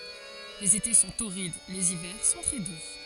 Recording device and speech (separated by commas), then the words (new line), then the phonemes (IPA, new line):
forehead accelerometer, read sentence
Les étés sont torrides, les hivers sont très doux.
lez ete sɔ̃ toʁid lez ivɛʁ sɔ̃ tʁɛ du